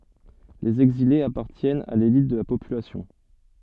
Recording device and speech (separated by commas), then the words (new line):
soft in-ear microphone, read sentence
Les exilés appartiennent à l'élite de la population.